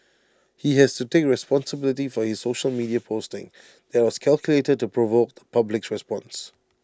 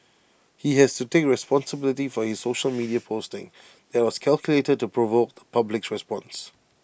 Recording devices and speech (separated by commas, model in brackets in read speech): standing microphone (AKG C214), boundary microphone (BM630), read sentence